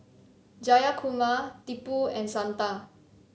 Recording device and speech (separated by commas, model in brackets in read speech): mobile phone (Samsung C7), read sentence